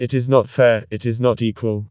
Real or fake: fake